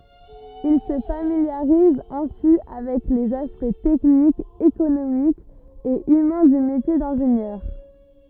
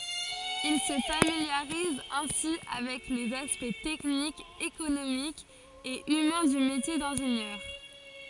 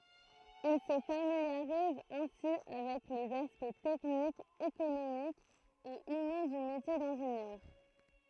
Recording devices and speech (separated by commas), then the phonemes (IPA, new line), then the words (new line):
rigid in-ear microphone, forehead accelerometer, throat microphone, read sentence
il sə familjaʁiz ɛ̃si avɛk lez aspɛkt tɛknikz ekonomikz e ymɛ̃ dy metje dɛ̃ʒenjœʁ
Il se familiarise ainsi avec les aspects techniques, économiques et humains du métier d'ingénieur.